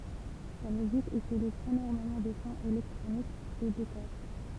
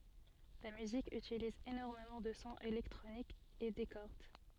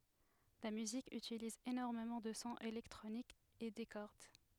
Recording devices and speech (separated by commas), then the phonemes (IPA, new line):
temple vibration pickup, soft in-ear microphone, headset microphone, read sentence
la myzik ytiliz enɔʁmemɑ̃ də sɔ̃z elɛktʁonikz e de kɔʁd